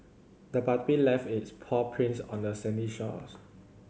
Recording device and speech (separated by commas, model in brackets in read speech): mobile phone (Samsung C7100), read sentence